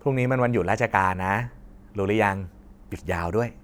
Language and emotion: Thai, happy